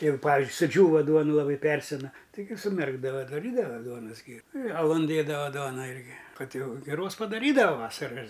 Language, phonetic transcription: Lithuanian, ir ˈpavizdžiui suˈdžiūva ˈduonu laˈbai ˈpersena taiˈgi suˈmerkdava daˈrydava ˈduonas ˈgiru i aˈlun ˈdėdava ˈduona ˈirgi ˈkad ˈjau giˈros padaˈrydava ˈvasara ir

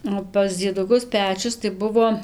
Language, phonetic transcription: Lithuanian, o pas dzieduˈkus ˈpečius tai ˈbuvo

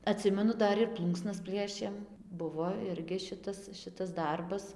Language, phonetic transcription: Lithuanian, aˈtsimenu ˈdar ir ˈplūnksnas ˈpliešėm ˈbuvo ˈirgi ˈšitas ˈšitas ˈdarbas

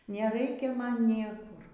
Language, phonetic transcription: Lithuanian, neˈraikia ˈman ˈniekur

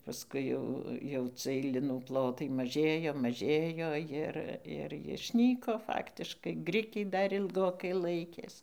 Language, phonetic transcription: Lithuanian, pasˈkui jau jau ˈcɨɜj ˈlinų ˈplotai maˈžėjo maˈžėjo ˈjir ir jišˈnyko ˈfaktiškai ˈgrikiai ˈdar ilˈgokai ˈlaikės

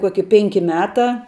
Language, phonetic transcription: Lithuanian, ˈkuoki ˈpenki ˈmeˌtā

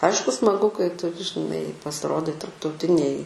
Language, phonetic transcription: Lithuanian, ˈaišku smaˈgu kai ˈtu žiˈnai pasiˈrodai tarptauˈtinėj

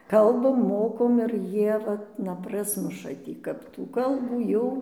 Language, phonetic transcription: Lithuanian, ˈkalbam ˈmokom ir ˈjie ˈvat na ˈprasmuša ˈtį kap tų ˈkalbų ˈjau

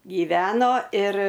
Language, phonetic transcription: Lithuanian, gyˈveno ir

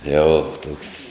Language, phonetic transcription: Lithuanian, ˈjau ˈtuoks

